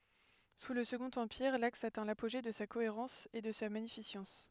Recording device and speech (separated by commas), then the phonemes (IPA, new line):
headset microphone, read sentence
su lə səɡɔ̃t ɑ̃piʁ laks atɛ̃ lapoʒe də sa koeʁɑ̃s e də sa maɲifisɑ̃s